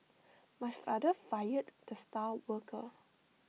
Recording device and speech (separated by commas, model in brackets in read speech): mobile phone (iPhone 6), read sentence